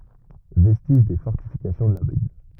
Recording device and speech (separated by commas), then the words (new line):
rigid in-ear microphone, read sentence
Vestige des fortifications de la ville.